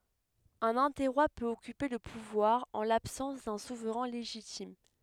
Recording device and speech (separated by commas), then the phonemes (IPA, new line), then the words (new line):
headset microphone, read sentence
œ̃n ɛ̃tɛʁwa pøt ɔkype lə puvwaʁ ɑ̃ labsɑ̃s dœ̃ suvʁɛ̃ leʒitim
Un interroi peut occuper le pouvoir en l'absence d’un souverain légitime.